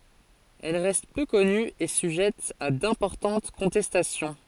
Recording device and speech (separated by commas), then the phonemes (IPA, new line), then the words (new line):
forehead accelerometer, read sentence
ɛl ʁɛst pø kɔny e syʒɛt a dɛ̃pɔʁtɑ̃t kɔ̃tɛstasjɔ̃
Elle reste peu connue et sujette à d'importantes contestations.